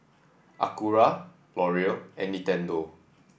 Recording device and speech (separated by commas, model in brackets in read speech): boundary microphone (BM630), read sentence